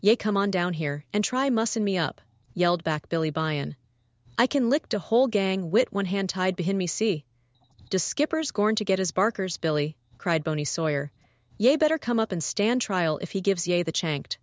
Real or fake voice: fake